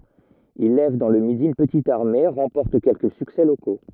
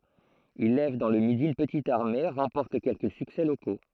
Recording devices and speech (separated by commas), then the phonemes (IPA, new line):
rigid in-ear microphone, throat microphone, read sentence
il lɛv dɑ̃ lə midi yn pətit aʁme ʁɑ̃pɔʁt kɛlkə syksɛ loko